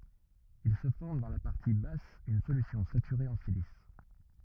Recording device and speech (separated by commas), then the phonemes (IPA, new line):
rigid in-ear microphone, read sentence
il sə fɔʁm dɑ̃ la paʁti bas yn solysjɔ̃ satyʁe ɑ̃ silis